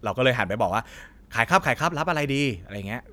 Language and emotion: Thai, neutral